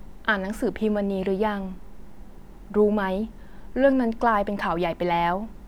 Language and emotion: Thai, neutral